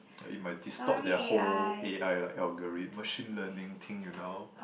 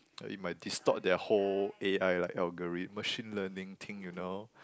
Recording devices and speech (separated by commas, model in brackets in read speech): boundary microphone, close-talking microphone, conversation in the same room